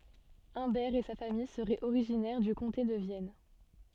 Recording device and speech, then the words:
soft in-ear microphone, read sentence
Humbert et sa famille seraient originaires du comté de Vienne.

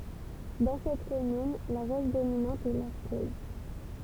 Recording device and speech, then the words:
temple vibration pickup, read sentence
Dans cette commune, la roche dominante est l'arkose.

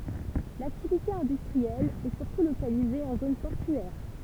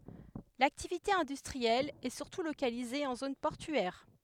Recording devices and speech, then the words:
temple vibration pickup, headset microphone, read sentence
L'activité industrielle est surtout localisée en zone portuaire.

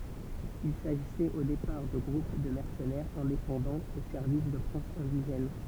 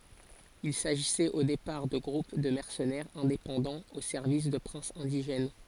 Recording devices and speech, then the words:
temple vibration pickup, forehead accelerometer, read sentence
Il s’agissait au départ de groupes de mercenaires indépendants au service de princes indigènes.

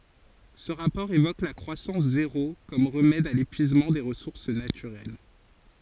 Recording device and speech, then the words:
forehead accelerometer, read sentence
Ce rapport évoque la croissance zéro comme remède à l'épuisement des ressources naturelles.

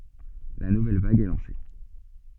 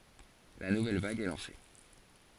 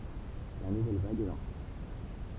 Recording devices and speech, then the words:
soft in-ear microphone, forehead accelerometer, temple vibration pickup, read sentence
La nouvelle vague est lancée.

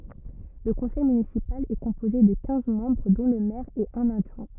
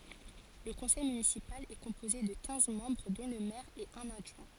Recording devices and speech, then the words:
rigid in-ear microphone, forehead accelerometer, read sentence
Le conseil municipal est composé de quinze membres dont le maire et un adjoint.

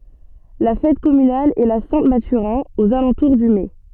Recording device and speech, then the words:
soft in-ear microphone, read sentence
La fête communale est la Saint-Mathurin, aux alentours du mai.

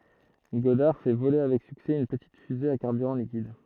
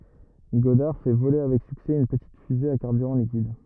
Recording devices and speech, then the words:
throat microphone, rigid in-ear microphone, read sentence
Goddard fait voler avec succès une petite fusée à carburant liquide.

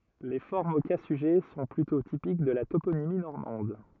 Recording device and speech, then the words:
rigid in-ear microphone, read sentence
Les formes au cas sujet sont plutôt typiques de la toponymie normande.

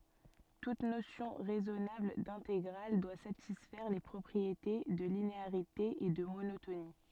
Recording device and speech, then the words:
soft in-ear microphone, read sentence
Toute notion raisonnable d'intégrale doit satisfaire les propriétés de linéarité et de monotonie.

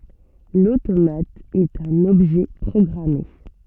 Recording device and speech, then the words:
soft in-ear microphone, read sentence
L'automate est un objet programmé.

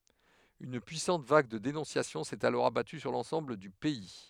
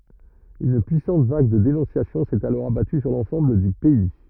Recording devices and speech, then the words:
headset microphone, rigid in-ear microphone, read sentence
Une puissante vague de dénonciations s’est alors abattue sur l’ensemble du pays.

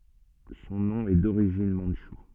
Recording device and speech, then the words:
soft in-ear microphone, read sentence
Son nom est d'origine mandchoue.

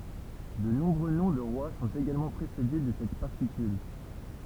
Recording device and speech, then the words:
temple vibration pickup, read sentence
De nombreux noms de rois sont également précédés de cette particule.

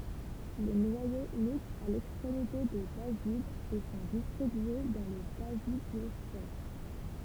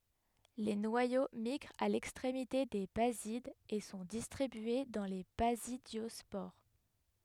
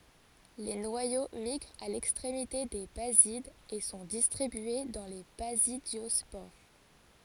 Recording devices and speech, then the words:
temple vibration pickup, headset microphone, forehead accelerometer, read sentence
Les noyaux migrent à l’extrémité des basides et sont distribués dans les basidiospores.

